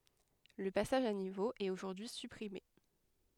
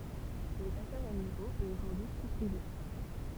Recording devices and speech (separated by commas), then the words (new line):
headset microphone, temple vibration pickup, read sentence
Le passage à niveau est aujourd'hui supprimé.